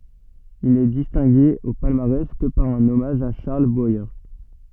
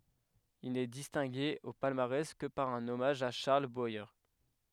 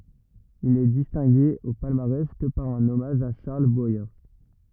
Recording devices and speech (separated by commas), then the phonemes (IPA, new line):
soft in-ear microphone, headset microphone, rigid in-ear microphone, read sentence
il nɛ distɛ̃ɡe o palmaʁɛs kə paʁ œ̃n ɔmaʒ a ʃaʁl bwaje